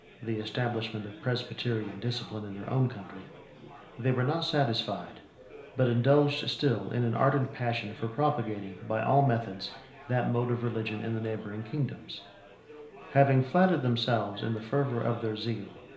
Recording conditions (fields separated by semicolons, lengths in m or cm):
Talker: one person; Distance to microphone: 1.0 m; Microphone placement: close; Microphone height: 1.1 m; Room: small (3.7 m by 2.7 m); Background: babble